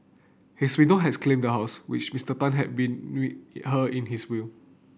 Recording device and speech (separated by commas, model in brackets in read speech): boundary microphone (BM630), read sentence